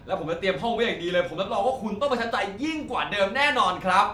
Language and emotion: Thai, happy